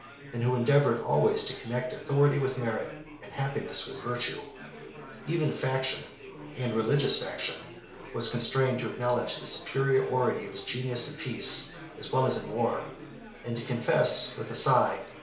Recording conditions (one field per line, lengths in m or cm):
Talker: one person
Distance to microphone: 1.0 m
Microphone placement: close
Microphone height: 1.1 m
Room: small (3.7 m by 2.7 m)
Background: babble